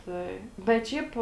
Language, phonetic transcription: Lithuanian, ˈtai bet ˈšiaip

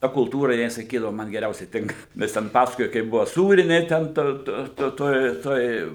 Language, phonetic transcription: Lithuanian, ˈta kulˈtūra ˈjinai saˈkydavu ˈman geˈriausiai ˈtinka ˈvis ten ˈpasakoja kaip ˈbuvo ˈsūrinė ˈten to to ˈtoj ˈtoj

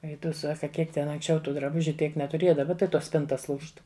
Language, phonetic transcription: Lithuanian, ˈei tu ˈsaka ˈkiek ten anksˈčiau ˈtų draˈbužiu ˈtiek netuˈrėja daˈba tai ˈtos ˈspintas ˈlūžt

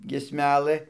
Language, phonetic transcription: Lithuanian, giesˈmelɘ

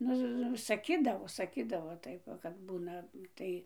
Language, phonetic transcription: Lithuanian, ˈnu saˈkydavo saˈkydavo ˈtaip va kad ˈbūna ˈtai

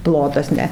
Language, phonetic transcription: Lithuanian, ˈplotas ˈne

